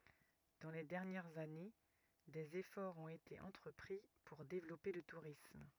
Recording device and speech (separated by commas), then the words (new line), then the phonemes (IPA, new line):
rigid in-ear microphone, read sentence
Dans les dernières années, des efforts ont été entrepris pour développer le tourisme.
dɑ̃ le dɛʁnjɛʁz ane dez efɔʁz ɔ̃t ete ɑ̃tʁəpʁi puʁ devlɔpe lə tuʁism